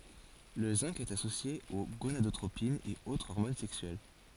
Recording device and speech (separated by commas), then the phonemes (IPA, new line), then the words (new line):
forehead accelerometer, read sentence
lə zɛ̃ɡ ɛt asosje o ɡonadotʁopinz e o ɔʁmon sɛksyɛl
Le zinc est associé aux gonadotropines et aux hormones sexuelles.